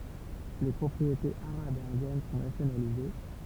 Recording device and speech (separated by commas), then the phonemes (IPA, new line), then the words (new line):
temple vibration pickup, read sentence
le pʁɔpʁietez aʁabz e ɛ̃djɛn sɔ̃ nasjonalize
Les propriétés arabes et indiennes sont nationalisées.